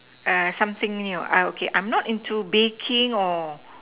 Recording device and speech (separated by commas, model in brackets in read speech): telephone, conversation in separate rooms